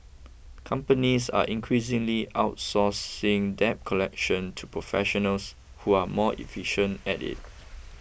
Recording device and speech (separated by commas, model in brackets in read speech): boundary microphone (BM630), read sentence